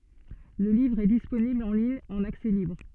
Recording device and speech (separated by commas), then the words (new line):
soft in-ear microphone, read sentence
Le livre est disponible en ligne en accès libre.